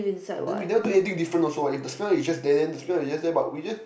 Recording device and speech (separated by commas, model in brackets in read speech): boundary microphone, conversation in the same room